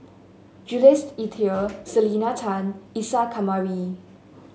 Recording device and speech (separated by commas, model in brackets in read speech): mobile phone (Samsung S8), read sentence